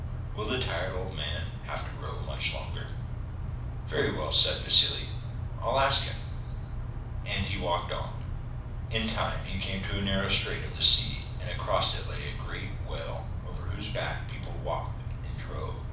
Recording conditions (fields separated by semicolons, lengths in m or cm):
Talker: one person; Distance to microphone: 5.8 m; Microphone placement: far; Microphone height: 1.8 m; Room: medium-sized (5.7 m by 4.0 m); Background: none